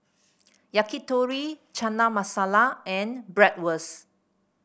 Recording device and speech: boundary microphone (BM630), read sentence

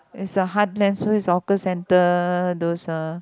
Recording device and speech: close-talking microphone, conversation in the same room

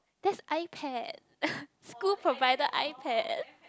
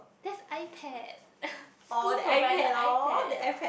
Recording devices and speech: close-talking microphone, boundary microphone, conversation in the same room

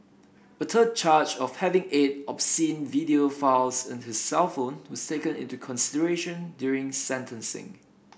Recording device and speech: boundary microphone (BM630), read sentence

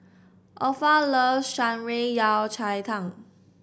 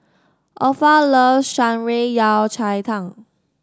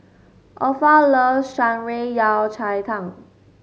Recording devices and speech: boundary microphone (BM630), standing microphone (AKG C214), mobile phone (Samsung S8), read sentence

